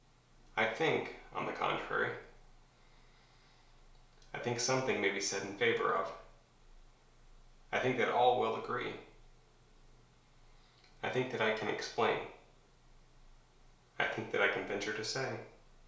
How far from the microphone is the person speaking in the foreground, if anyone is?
1.0 m.